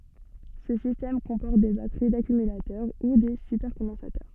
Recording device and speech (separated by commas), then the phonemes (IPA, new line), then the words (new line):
soft in-ear microphone, read sentence
sə sistɛm kɔ̃pɔʁt de batəʁi dakymylatœʁ u de sypɛʁkɔ̃dɑ̃satœʁ
Ce système comporte des batteries d'accumulateurs ou des supercondensateurs.